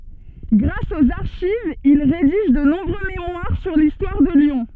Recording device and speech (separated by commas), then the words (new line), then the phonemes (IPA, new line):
soft in-ear microphone, read sentence
Grâce aux archives, il rédige de nombreux mémoires sur l'histoire de Lyon.
ɡʁas oz aʁʃivz il ʁediʒ də nɔ̃bʁø memwaʁ syʁ listwaʁ də ljɔ̃